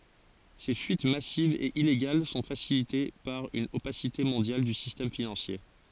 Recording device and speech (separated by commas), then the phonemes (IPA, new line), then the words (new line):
forehead accelerometer, read sentence
se fyit masivz e ileɡal sɔ̃ fasilite paʁ yn opasite mɔ̃djal dy sistɛm finɑ̃sje
Ces fuites massives et illégales sont facilitées par une opacité mondiale du système financier.